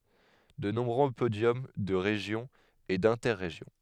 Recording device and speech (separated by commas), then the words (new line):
headset microphone, read sentence
De nombreux podiums de Région et d'Inter-Régions.